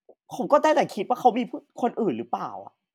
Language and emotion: Thai, sad